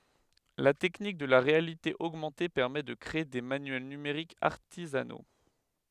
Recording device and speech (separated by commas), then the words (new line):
headset microphone, read sentence
La technique de la réalité augmentée permet de créer des manuels numériques artisanaux.